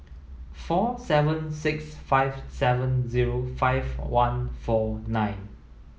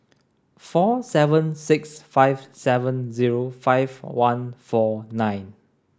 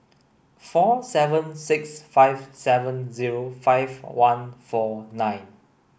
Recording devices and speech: mobile phone (iPhone 7), standing microphone (AKG C214), boundary microphone (BM630), read sentence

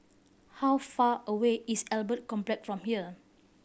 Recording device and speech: boundary microphone (BM630), read sentence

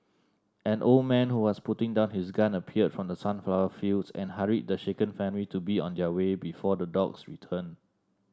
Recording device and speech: standing microphone (AKG C214), read sentence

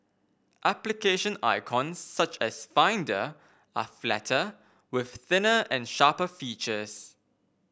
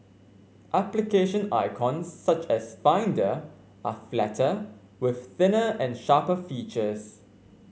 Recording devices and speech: boundary microphone (BM630), mobile phone (Samsung C5), read sentence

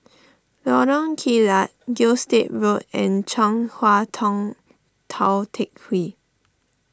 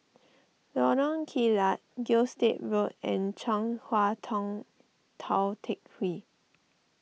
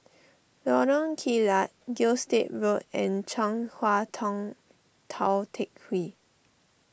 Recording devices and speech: standing microphone (AKG C214), mobile phone (iPhone 6), boundary microphone (BM630), read sentence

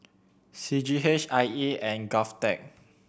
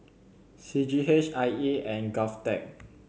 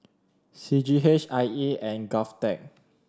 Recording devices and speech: boundary microphone (BM630), mobile phone (Samsung C7100), standing microphone (AKG C214), read sentence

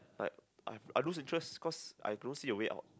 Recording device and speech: close-talking microphone, conversation in the same room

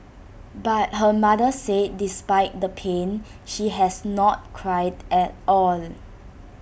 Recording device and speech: boundary microphone (BM630), read sentence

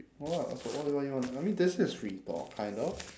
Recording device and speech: standing microphone, conversation in separate rooms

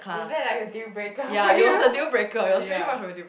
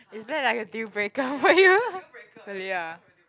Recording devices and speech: boundary microphone, close-talking microphone, conversation in the same room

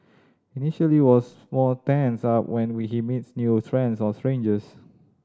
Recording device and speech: standing microphone (AKG C214), read sentence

